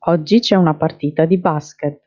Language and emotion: Italian, neutral